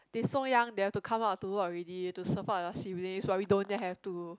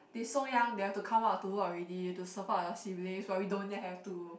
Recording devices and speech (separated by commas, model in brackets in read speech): close-talking microphone, boundary microphone, conversation in the same room